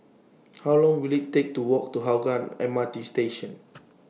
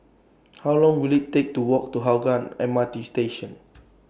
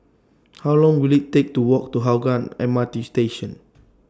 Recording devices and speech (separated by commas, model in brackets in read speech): mobile phone (iPhone 6), boundary microphone (BM630), standing microphone (AKG C214), read sentence